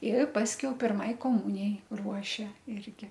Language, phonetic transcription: Lithuanian, ir ˈpaskiau pirˈmai koˈmunijai ˈruošia ˈirgi

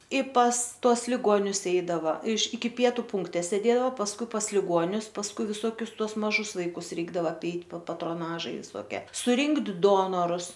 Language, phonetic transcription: Lithuanian, i pas ˈtuos liˈgonius ˈeidava iš iki ˈpietu ˈpunkte sėˈdėdao pasˈkui pas liˈguonius pasˈkui viˈsuokius ˈtuos maˈžus ˈvaikus ˈreikdava apˈeit pa patroˈnažai visoˈkie suˈrinkt ˈdonorus

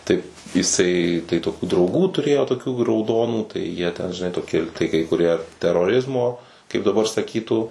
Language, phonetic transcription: Lithuanian, ˈtai iˈsai tai toˈkių drauˈgų tuˈrėjo toˈkių rauˈdonų tai jie ten žiˈnai toˈki tai kai kuˈrie teroˈrizmo kaip daˈbar saˈkytų

